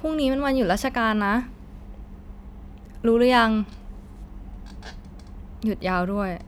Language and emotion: Thai, frustrated